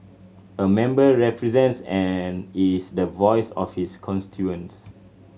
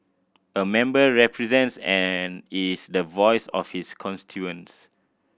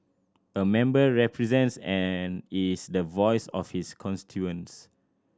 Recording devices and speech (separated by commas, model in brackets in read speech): mobile phone (Samsung C7100), boundary microphone (BM630), standing microphone (AKG C214), read sentence